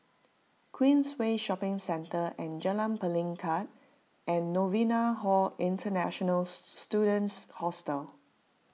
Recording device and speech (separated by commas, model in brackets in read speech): mobile phone (iPhone 6), read sentence